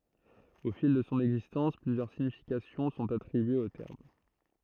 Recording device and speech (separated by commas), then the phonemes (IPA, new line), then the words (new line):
throat microphone, read sentence
o fil də sɔ̃ ɛɡzistɑ̃s plyzjœʁ siɲifikasjɔ̃ sɔ̃t atʁibyez o tɛʁm
Au fil de son existence, plusieurs significations sont attribuées au terme.